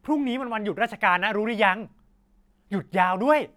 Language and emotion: Thai, happy